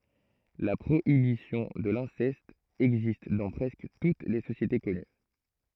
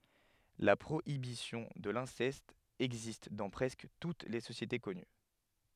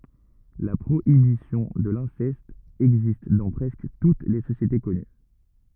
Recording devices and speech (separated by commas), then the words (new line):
throat microphone, headset microphone, rigid in-ear microphone, read sentence
La prohibition de l'inceste existe dans presque toutes les sociétés connues.